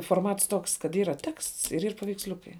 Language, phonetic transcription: Lithuanian, forˈmats ˈtoks kad ˈyra teksts ir yr paveiksˈliukai

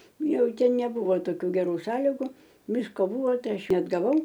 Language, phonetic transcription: Lithuanian, ˈjau ˈten neˈbuvo toˈkių geˈrų ˈsąligu ˈvisko ˈbuvo ˈtai ˈaš neatgaˈvau

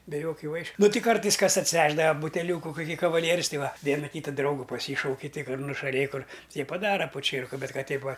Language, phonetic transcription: Lithuanian, be ˈjokiu ˈvaišiu ˈnu ˈti ˈkartais ˈkas atsiˈvešdava buteˈliūku kuˈkį kavaˈlierius ˈtai ˈva ˈviena ˈkyta ˈdraugu paˈsyšauki tik kad nušaˈlėj kur tie paˈdara poˈčierku ˈbet ˈkad ˈteip ˈva

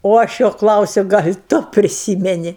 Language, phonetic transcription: Lithuanian, o ˈaš ˈjo ˈklausiu ˈgal' ˈtu priˈsymeni

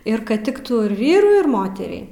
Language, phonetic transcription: Lithuanian, ir ˈkad ˈtiktų ir ˈvyrui ir ˈmoteriai

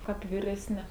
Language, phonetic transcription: Lithuanian, ˈkap viresˈni

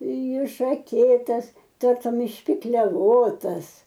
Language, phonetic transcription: Lithuanian, išaˈkėtas ˈtartum išpikleˈvotas

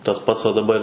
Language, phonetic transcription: Lithuanian, tas ˈpats o daˈbar'

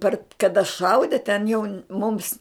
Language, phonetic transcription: Lithuanian, ˈpar kaˈda ˈšaudi ten jau mums

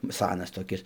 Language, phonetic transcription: Lithuanian, ˈsanas toˈkis

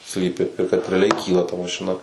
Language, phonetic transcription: Lithuanian, ˈslypi ir kad reaˈliai ˈkyla ta mašiˈna

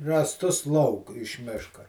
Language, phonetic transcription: Lithuanian, rąsˈtus lauk iš ˈmiška

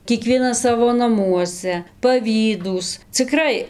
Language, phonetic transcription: Lithuanian, kieˈkvienas ˈsavo naˈmuose paˈvydūs ciˈkrai

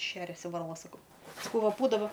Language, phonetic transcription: Lithuanian, ˈšeriasi varˈla saˈkau saˈkau ˈva ˈbūdava

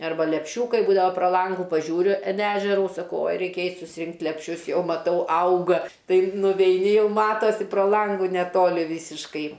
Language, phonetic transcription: Lithuanian, arˈba lepˈšiūkai ˈbūdava pro ˈlangu paˈžiūriu in ˈežeru saˈkau oj ˈreikia ˈeit' susiˈrinkt' lepˈšius ˈjau maˈtau ˈauga ˈtai nuveiˈni ˈjau ˈmatosi pro ˈlangu neˈtoli ˈvysiškai

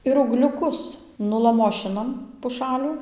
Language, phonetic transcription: Lithuanian, ir ūgliuˈkus nulaˈmošinam puˈšalių

